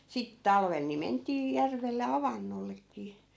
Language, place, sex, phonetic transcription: Finnish, Askola, female, sit "talvel ni 'ment̀ii 'järvelle "avannollek̆kii .
- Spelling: sitten talvella niin mentiin järvelle avannollekin

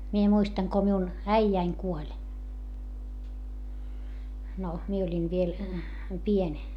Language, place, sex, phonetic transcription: Finnish, Hietamäki, female, mie muistaŋ ko miun , äijäiŋ kuoĺ , no , mie oĺin viel , pień .
- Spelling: minä muistan kun minun äijäni kuoli no minä olin vielä pieni

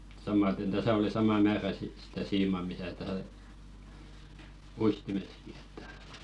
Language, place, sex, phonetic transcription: Finnish, Velkua, male, samaten 'täsä oli "sama 'määrä sit sitä 'siima misä tä- , "uistimeski ᴇttᴀ̈ .
- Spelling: samaten tässä oli sama määrä sitten sitä siimaa missä - uistimessakin että

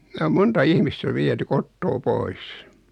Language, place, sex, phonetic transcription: Finnish, Noormarkku, male, ne om 'monta 'ihmistä 'viety "kottoo "pois .
- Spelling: ne on monta ihmistä viety kotoa pois

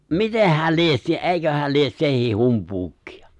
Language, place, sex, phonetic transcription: Finnish, Lapinlahti, male, mitehhä̀l 'lies se "’eiköhäl 'lies 'sehìh "humpuukkɪᴀ !
- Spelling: mitenhän lie se eiköhän lie sekin humpuukia

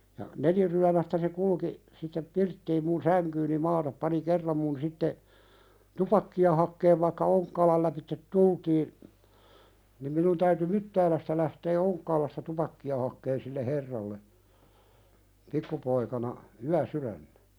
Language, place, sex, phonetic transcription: Finnish, Pälkäne, male, ja , "neliryämästä se 'kulki , sittep 'pirttiim mun "säŋkyyni 'maatap pani "kerram mun 'sitte , "tupakki₍a hakkeev vaⁱkka 'Oŋkkaalal läpittet "tultiin , nim minun täyty "Myttäälästä lähtee 'Oŋkkaalasta 'tupakki₍a hakkeen sille "herralle , 'pikkupoikana , "yä'syðännᴀ̈ .
- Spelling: ja neliryömäistä se kulki sitten pirttiin minun sänkyyni maata pani kerran minun sitten tupakkaa hakee vaikka Onkkaalan lävitse tultiin niin minun täytyi Myttäälästä lähtee Onkkaalasta tupakkaa hakemaan sille herralle pikkupoikana yösydämenä

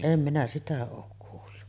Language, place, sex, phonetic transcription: Finnish, Sotkamo, female, 'em minä 'sitä ook kuullu .
- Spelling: en minä sitä ole kuullut

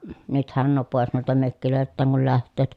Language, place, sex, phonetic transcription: Finnish, Pielisjärvi, female, nythän nuo pòes nuilta mökkilö̀elt̆tääŋ kul läht̆tööt, .
- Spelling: nythän nuo pois noilta mökeiltään kun lähtevät

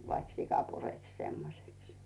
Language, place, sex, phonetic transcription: Finnish, Rautu, female, vaik "sika 'pureks 'semmoseks .
- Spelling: vaikka sika pureksi semmoiseksi

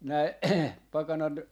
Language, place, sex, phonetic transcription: Finnish, Jaala, male, näi 'pakanat ,.
- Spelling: näin pakanat

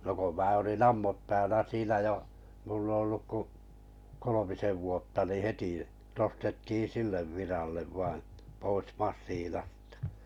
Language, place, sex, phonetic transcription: Finnish, Kalajoki, male, no ko 'mää olin "ammut(päänä) 'siinä jo , mullᵃ olluk ku , 'kolomisev vuotta nii "heti , nostettii "sillev 'virallev vaiḭ , pois 'mas̆siinastᴀ .
- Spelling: no kun minä olin ammuspäänä siinä jo minulla ollut kuin kolmisen vuotta niin heti nostettiin sille viralle vain pois masiinasta

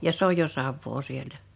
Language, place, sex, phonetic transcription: Finnish, Liperi, female, ja 's ‿oj jo "Savvoo 'sieltä .
- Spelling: ja se on jo Savoa sieltä

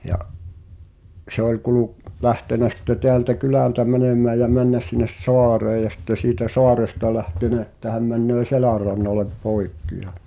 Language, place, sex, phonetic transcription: Finnish, Pihtipudas, male, ja’ , se ‿oĺ 'kuluk- , 'lähtenä sⁱtte 'teältä "kylä̀ltä 'mänemää jä 'männä s̀innes "soareej̆ ja sⁱtte siitä "soaresta 'lähtenä että häm männöö "Selä̀rrannalep 'pòikki ja ,.
- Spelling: ja se oli - lähtenyt sitten täältä kylältä menemään ja mennyt sinne saareen ja sitten siitä saaresta lähtenyt että hän menee Selänrannalle poikki ja

